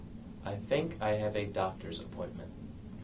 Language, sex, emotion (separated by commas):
English, male, neutral